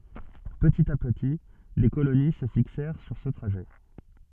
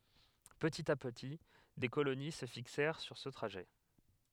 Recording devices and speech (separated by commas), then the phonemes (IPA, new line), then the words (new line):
soft in-ear microphone, headset microphone, read sentence
pətit a pəti de koloni sə fiksɛʁ syʁ sə tʁaʒɛ
Petit à petit, des colonies se fixèrent sur ce trajet.